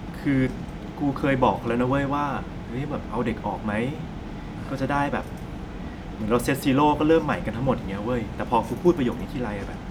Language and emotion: Thai, frustrated